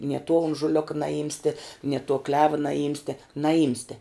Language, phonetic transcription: Lithuanian, nie tuo unžuˈlioka naˈjimste nie tuo kleva naˈjimste naˈjimste

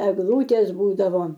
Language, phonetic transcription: Lithuanian, egˈlūtės ˈbūdavo

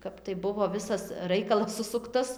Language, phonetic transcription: Lithuanian, ˈkap tai ˈbuvo ˈvisas ˈraikalas ˈsusuktas

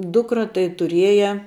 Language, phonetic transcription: Lithuanian, ˈdukra tai tuˈrieja

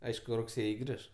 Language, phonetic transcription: Lithuanian, ˈaišku rugˈsėji ˈgriš

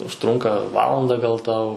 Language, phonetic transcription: Lithuanian, užˈtrunka ˈvalanda gal ˈtau

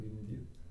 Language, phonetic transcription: Lithuanian, gimˈdyt

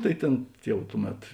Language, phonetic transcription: Lithuanian, ˈtai ˈtėn ˈjau ˈtuˌmet

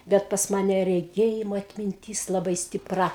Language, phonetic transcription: Lithuanian, ˈbet pas ˈmane reˈgėjimo atminˈtys laˈbai stiˈpra

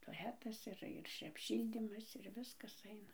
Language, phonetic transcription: Lithuanian, toˈletas ir ir apˈšyldymas ir ˈviskas ˈaina

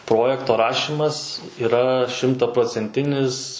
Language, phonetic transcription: Lithuanian, ˈprojekto ˈrašimas yˈra šimtaprocenˈtinis

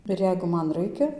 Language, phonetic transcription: Lithuanian, ir ˈjeigu ˈman ˈraikia

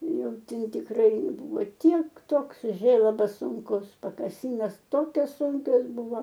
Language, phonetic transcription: Lithuanian, ˈjau ˈten tikˈrai ˈbuvo ˈtiek ˈtoks ˈžėlabas ˈsūnkus pakaˈsynos ˈtokios ˈsunkios ˈbuvo

